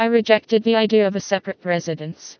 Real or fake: fake